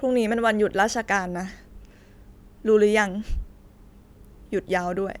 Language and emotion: Thai, sad